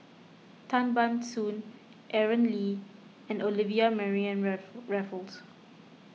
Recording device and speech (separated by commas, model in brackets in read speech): mobile phone (iPhone 6), read sentence